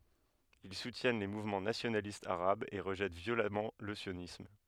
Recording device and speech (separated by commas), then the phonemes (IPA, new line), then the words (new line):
headset microphone, read sentence
il sutjɛn le muvmɑ̃ nasjonalistz aʁabz e ʁəʒɛt vjolamɑ̃ lə sjonism
Ils soutiennent les mouvements nationalistes arabes et rejettent violemment le sionisme.